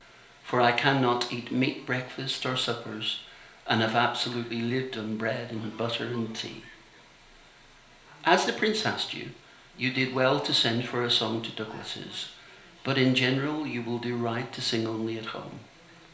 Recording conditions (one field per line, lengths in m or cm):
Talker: one person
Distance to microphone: 1.0 m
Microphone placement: close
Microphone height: 1.1 m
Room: small (3.7 m by 2.7 m)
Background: television